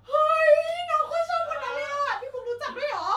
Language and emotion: Thai, happy